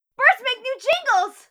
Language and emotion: English, happy